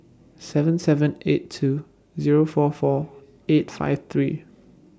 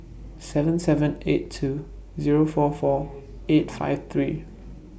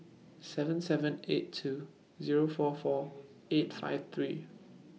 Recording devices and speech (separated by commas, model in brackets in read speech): standing microphone (AKG C214), boundary microphone (BM630), mobile phone (iPhone 6), read sentence